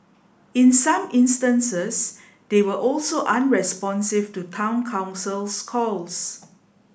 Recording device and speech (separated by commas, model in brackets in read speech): boundary microphone (BM630), read sentence